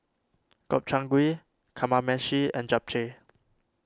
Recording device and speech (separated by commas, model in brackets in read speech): standing microphone (AKG C214), read sentence